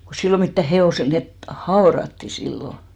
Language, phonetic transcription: Finnish, ko 'sillo 'mittä "he₍òsel , 'net , "haoratti 'sillo .
- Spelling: kun silloin mitään hevoselle ne haudattiin silloin

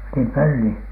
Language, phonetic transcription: Finnish, nim "pölli ?
- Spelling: niin pölli

